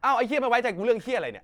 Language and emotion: Thai, angry